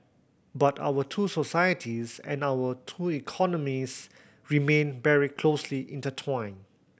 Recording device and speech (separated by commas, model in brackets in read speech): boundary microphone (BM630), read sentence